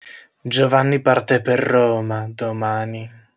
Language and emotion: Italian, disgusted